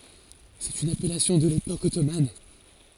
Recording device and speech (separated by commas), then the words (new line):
forehead accelerometer, read sentence
C'est une appellation de l'époque ottomane.